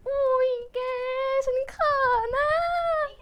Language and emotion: Thai, happy